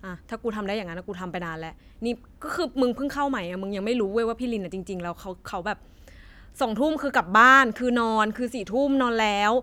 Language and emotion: Thai, frustrated